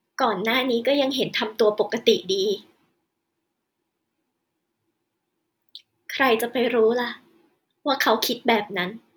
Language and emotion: Thai, sad